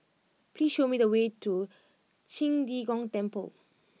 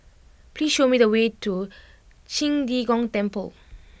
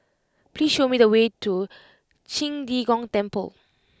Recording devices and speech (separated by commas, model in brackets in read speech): mobile phone (iPhone 6), boundary microphone (BM630), close-talking microphone (WH20), read sentence